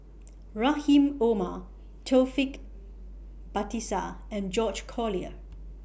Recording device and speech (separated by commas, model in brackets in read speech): boundary microphone (BM630), read sentence